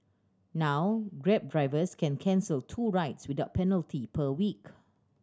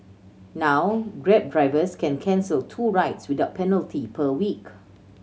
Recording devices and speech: standing microphone (AKG C214), mobile phone (Samsung C7100), read sentence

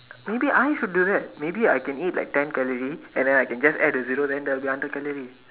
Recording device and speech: telephone, conversation in separate rooms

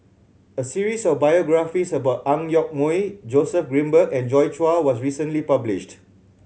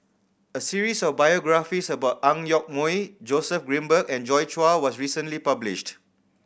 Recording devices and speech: mobile phone (Samsung C7100), boundary microphone (BM630), read sentence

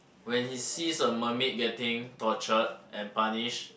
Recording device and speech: boundary microphone, conversation in the same room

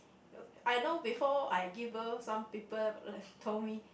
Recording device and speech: boundary microphone, conversation in the same room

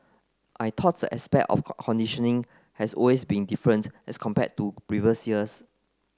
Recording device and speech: close-talking microphone (WH30), read sentence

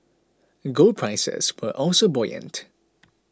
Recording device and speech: close-talking microphone (WH20), read sentence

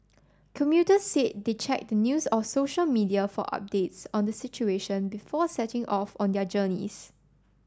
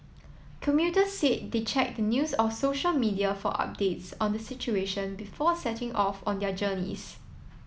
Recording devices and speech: standing microphone (AKG C214), mobile phone (iPhone 7), read sentence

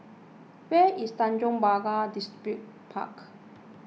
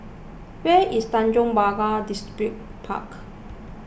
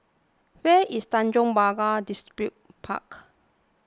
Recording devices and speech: mobile phone (iPhone 6), boundary microphone (BM630), close-talking microphone (WH20), read sentence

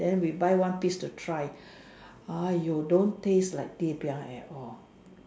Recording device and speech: standing microphone, conversation in separate rooms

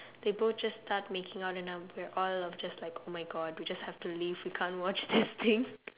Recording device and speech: telephone, conversation in separate rooms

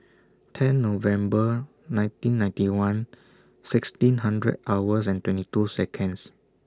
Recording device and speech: standing microphone (AKG C214), read sentence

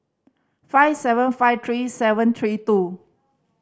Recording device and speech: standing microphone (AKG C214), read sentence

